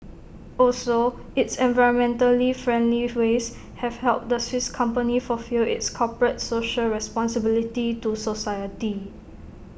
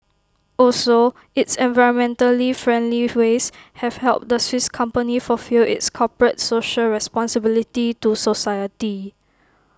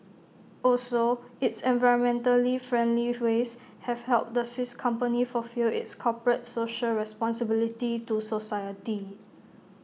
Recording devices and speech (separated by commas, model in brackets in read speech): boundary microphone (BM630), close-talking microphone (WH20), mobile phone (iPhone 6), read sentence